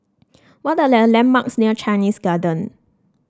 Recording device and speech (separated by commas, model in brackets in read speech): standing microphone (AKG C214), read sentence